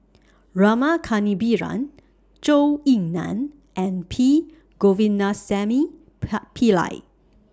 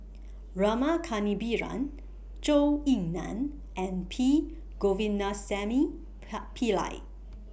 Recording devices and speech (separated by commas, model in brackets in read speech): standing microphone (AKG C214), boundary microphone (BM630), read sentence